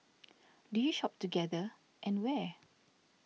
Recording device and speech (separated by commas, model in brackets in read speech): mobile phone (iPhone 6), read sentence